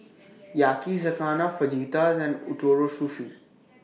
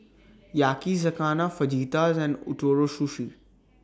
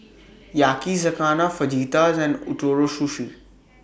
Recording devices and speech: mobile phone (iPhone 6), standing microphone (AKG C214), boundary microphone (BM630), read sentence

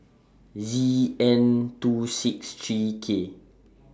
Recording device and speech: standing microphone (AKG C214), read sentence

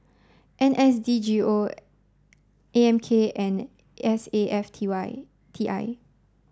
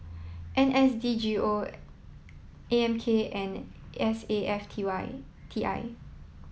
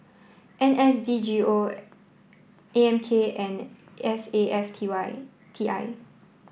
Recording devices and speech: standing microphone (AKG C214), mobile phone (iPhone 7), boundary microphone (BM630), read sentence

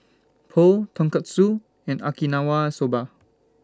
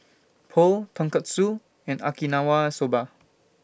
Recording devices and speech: standing microphone (AKG C214), boundary microphone (BM630), read sentence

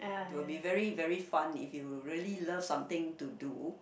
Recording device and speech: boundary microphone, conversation in the same room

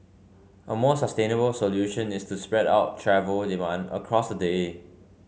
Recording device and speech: mobile phone (Samsung C5), read sentence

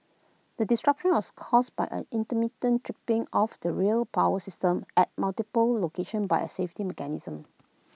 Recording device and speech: mobile phone (iPhone 6), read sentence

